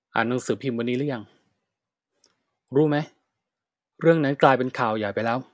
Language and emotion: Thai, frustrated